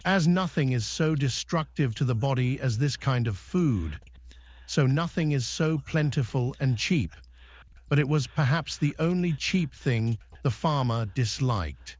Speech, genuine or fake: fake